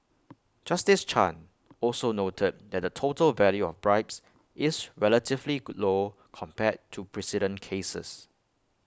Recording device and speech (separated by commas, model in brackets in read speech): close-talking microphone (WH20), read sentence